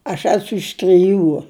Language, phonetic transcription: Lithuanian, aš ˈesu iš triˈjų

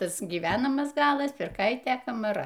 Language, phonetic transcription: Lithuanian, ˈtas gyˈvenamas ˈgalas pirˈkaitė kamaˈra

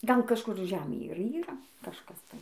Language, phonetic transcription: Lithuanian, ˈgal kažˈkur ˈžemėj ir ˈyra kažˈkas tai

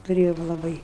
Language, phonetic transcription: Lithuanian, tuˈrėjom laˈbai

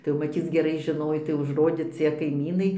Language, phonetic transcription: Lithuanian, tai jau maˈtyc geˈrai žiˈnoj tai užˈrodė ˈcie kaiˈmynai

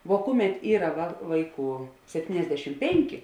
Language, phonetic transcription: Lithuanian, vo ˈkuˌmet ˈyra va ˈvaiˌkų sepˈtyniasdešim ˈpenki

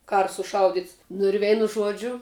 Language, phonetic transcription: Lithuanian, ˈkara suˈšaudits nu ir ˈveinu ˈžuodžiu

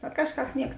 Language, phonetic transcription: Lithuanian, bet ˈkažˌkāp ˈniek

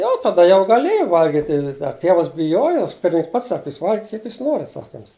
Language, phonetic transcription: Lithuanian, ˈjau taˈda jau gaˈlėjai ˈvalgiti a ˈtėvas biˈjojo ˈpirmininks ˈpats ˈsaki ˈjūs ˈvalgikit kiek ˈjūs ˈnorit ˈsaka ˈjums

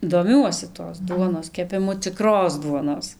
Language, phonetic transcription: Lithuanian, doˈmiuosi tos ˈduonos kepiˈmu ciˈkros ˈduonos

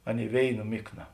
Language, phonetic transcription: Lithuanian, ˈaˌnėi ˈvėiˌna ˈmikˌna

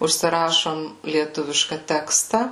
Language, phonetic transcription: Lithuanian, užsiˈrašom lieˈtuviška ˈteksta

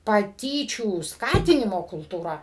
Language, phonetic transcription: Lithuanian, paˈtyčių ˈskatinimo kultūˈra

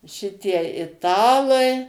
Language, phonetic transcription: Lithuanian, ˈšitie iˈtalai

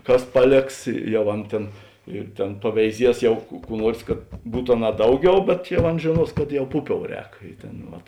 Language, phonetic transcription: Lithuanian, ˈkas ˈpaˌlėks ˈjau ˈan tėn ir tėn paveiˈzies ˈjau ku ˈkų ˈnuors kad ˈbūt aˈnā ˈdauˌgiau bet jau ˈan žėˈnuos kad jau ˈpuˌpiou ˈrēk ˈi ˌtėn ˈvat

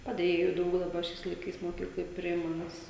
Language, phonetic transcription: Lithuanian, paˈdėjėju ˈdaug daˈba ˈšiais laiˈkais moˈkykloj ˈpriima ˈnes

